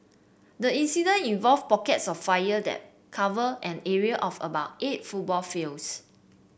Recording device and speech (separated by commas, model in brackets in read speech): boundary microphone (BM630), read sentence